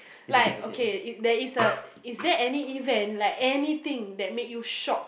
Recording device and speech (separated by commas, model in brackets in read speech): boundary microphone, conversation in the same room